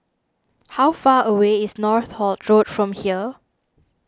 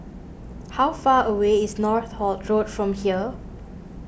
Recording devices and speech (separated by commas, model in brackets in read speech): standing microphone (AKG C214), boundary microphone (BM630), read sentence